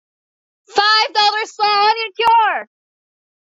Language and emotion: English, happy